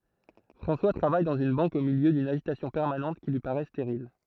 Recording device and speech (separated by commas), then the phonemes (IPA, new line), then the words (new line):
throat microphone, read sentence
fʁɑ̃swa tʁavaj dɑ̃z yn bɑ̃k o miljø dyn aʒitasjɔ̃ pɛʁmanɑ̃t ki lyi paʁɛ steʁil
François travaille dans une banque au milieu d’une agitation permanente qui lui paraît stérile.